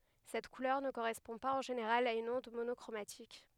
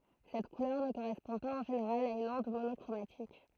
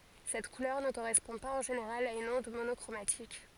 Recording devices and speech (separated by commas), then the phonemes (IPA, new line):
headset microphone, throat microphone, forehead accelerometer, read sentence
sɛt kulœʁ nə koʁɛspɔ̃ paz ɑ̃ ʒeneʁal a yn ɔ̃d monɔkʁomatik